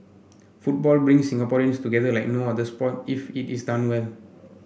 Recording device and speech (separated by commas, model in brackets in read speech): boundary microphone (BM630), read sentence